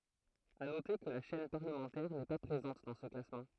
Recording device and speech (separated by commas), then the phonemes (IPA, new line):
throat microphone, read sentence
a note kə la ʃɛn paʁləmɑ̃tɛʁ nɛ pa pʁezɑ̃t dɑ̃ sə klasmɑ̃